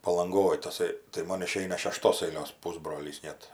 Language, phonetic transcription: Lithuanian, palanˈgoj taˈsai tai ˈmon iˈšeina šeˈštos aiˈlios ˈpusbrolys ˈnet

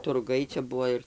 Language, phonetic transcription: Lithuanian, turˈgai čia ˈbuvo ir

